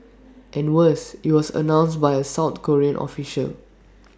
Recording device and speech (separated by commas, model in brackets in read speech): standing microphone (AKG C214), read sentence